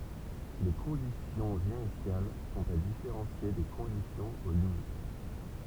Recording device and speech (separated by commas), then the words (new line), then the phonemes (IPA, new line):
temple vibration pickup, read sentence
Les conditions initiales sont à différencier des conditions aux limites.
le kɔ̃disjɔ̃z inisjal sɔ̃t a difeʁɑ̃sje de kɔ̃disjɔ̃z o limit